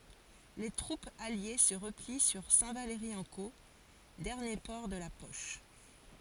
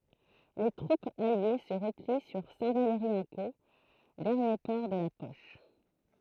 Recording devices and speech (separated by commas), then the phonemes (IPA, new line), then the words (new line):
forehead accelerometer, throat microphone, read sentence
le tʁupz alje sə ʁəpli syʁ sɛ̃tvalʁiɑ̃ko dɛʁnje pɔʁ də la pɔʃ
Les troupes alliées se replient sur Saint-Valery-en-Caux, dernier port de la poche.